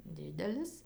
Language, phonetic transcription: Lithuanian, ˈdidelis

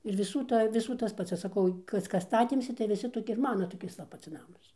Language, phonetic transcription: Lithuanian, ir viˈsų ˈta ir viˈsų tas ˈpats aš saˈkau ˈkas ˈkas ˈstatėmsi tai viˈsi toˈki ir ˈmana toˈkis va ˈpats ˈnamas

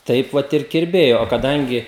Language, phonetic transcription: Lithuanian, ˈtaip vat ir kirˈbėjo o kaˈdangi

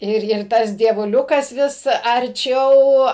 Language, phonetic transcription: Lithuanian, ˈir ˈir ˈtas dievuˈliukas ˈvis arˈčiau

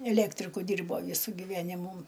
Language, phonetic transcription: Lithuanian, eˈlektriku ˈdyrbo ˈvysu giˈvenimų

